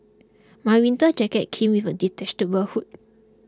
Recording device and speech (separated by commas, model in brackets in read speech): close-talking microphone (WH20), read sentence